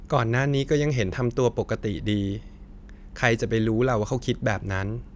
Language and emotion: Thai, neutral